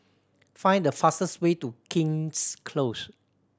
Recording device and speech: standing microphone (AKG C214), read sentence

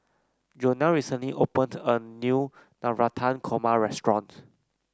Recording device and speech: close-talking microphone (WH30), read sentence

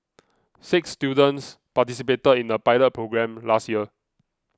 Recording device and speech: close-talking microphone (WH20), read sentence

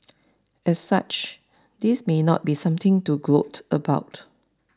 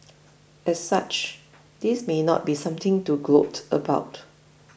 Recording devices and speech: standing microphone (AKG C214), boundary microphone (BM630), read sentence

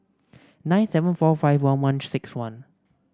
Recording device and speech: standing microphone (AKG C214), read sentence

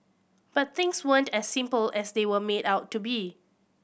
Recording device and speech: boundary microphone (BM630), read sentence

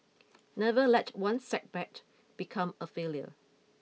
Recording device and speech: mobile phone (iPhone 6), read sentence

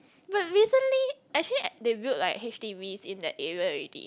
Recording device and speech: close-talking microphone, conversation in the same room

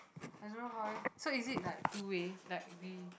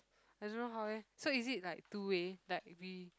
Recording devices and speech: boundary microphone, close-talking microphone, conversation in the same room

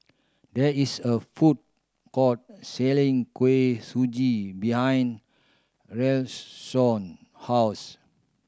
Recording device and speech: standing microphone (AKG C214), read sentence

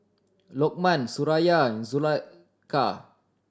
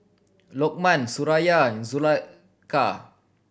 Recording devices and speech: standing microphone (AKG C214), boundary microphone (BM630), read sentence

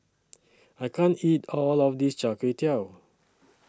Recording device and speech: standing microphone (AKG C214), read sentence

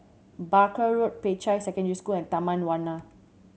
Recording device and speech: mobile phone (Samsung C7100), read sentence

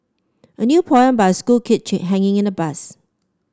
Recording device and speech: standing microphone (AKG C214), read sentence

